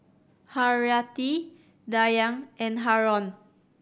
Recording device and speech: boundary microphone (BM630), read sentence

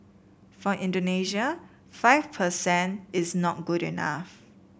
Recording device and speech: boundary microphone (BM630), read sentence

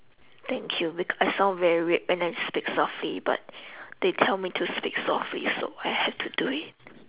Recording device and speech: telephone, conversation in separate rooms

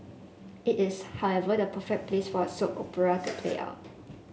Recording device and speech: mobile phone (Samsung S8), read sentence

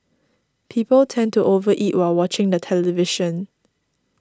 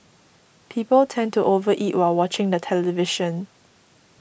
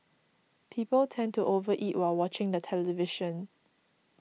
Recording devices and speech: standing microphone (AKG C214), boundary microphone (BM630), mobile phone (iPhone 6), read sentence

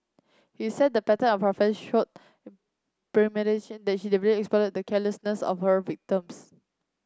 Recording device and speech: close-talking microphone (WH30), read sentence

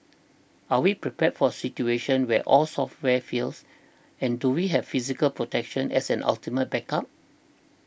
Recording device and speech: boundary microphone (BM630), read sentence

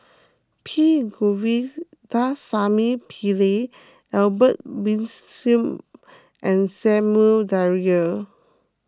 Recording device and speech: close-talking microphone (WH20), read sentence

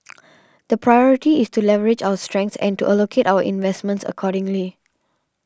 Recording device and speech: standing microphone (AKG C214), read sentence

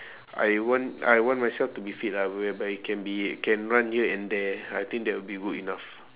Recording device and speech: telephone, conversation in separate rooms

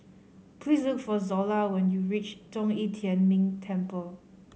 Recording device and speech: mobile phone (Samsung C5010), read sentence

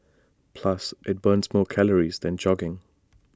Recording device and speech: standing microphone (AKG C214), read sentence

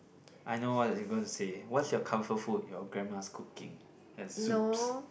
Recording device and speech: boundary microphone, conversation in the same room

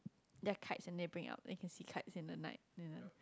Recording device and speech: close-talking microphone, conversation in the same room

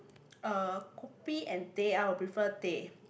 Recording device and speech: boundary microphone, conversation in the same room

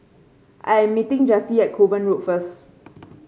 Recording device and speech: mobile phone (Samsung C5), read sentence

